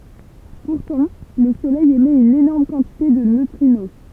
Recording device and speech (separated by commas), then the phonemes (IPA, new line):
temple vibration pickup, read sentence
puʁtɑ̃ lə solɛj emɛt yn enɔʁm kɑ̃tite də nøtʁino